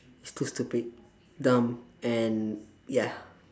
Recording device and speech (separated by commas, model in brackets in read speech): standing microphone, conversation in separate rooms